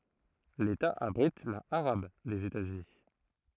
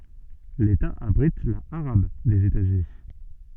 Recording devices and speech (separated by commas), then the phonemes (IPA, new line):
throat microphone, soft in-ear microphone, read sentence
leta abʁit la aʁab dez etazyni